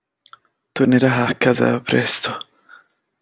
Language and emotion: Italian, fearful